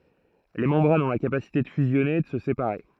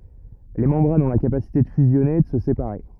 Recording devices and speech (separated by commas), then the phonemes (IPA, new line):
throat microphone, rigid in-ear microphone, read sentence
le mɑ̃bʁanz ɔ̃ la kapasite də fyzjɔne e də sə sepaʁe